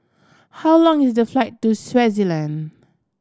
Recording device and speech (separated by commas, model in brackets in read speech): standing microphone (AKG C214), read sentence